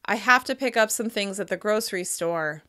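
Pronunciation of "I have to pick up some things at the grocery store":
The sentence is said with little pitch variety and a flatter overall pitch, which gives it a more serious sound.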